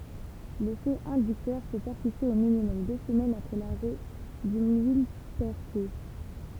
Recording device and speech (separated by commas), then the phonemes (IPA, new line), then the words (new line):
temple vibration pickup, read sentence
lefɛ ɛ̃dyktœʁ pø pɛʁsiste o minimɔm dø səmɛnz apʁɛ laʁɛ dy milpɛʁtyi
L'effet inducteur peut persister au minimum deux semaines après l'arrêt du millepertuis.